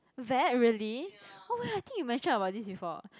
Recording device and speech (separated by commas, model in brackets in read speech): close-talking microphone, conversation in the same room